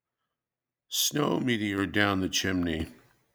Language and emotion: English, sad